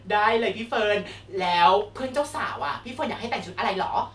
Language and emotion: Thai, happy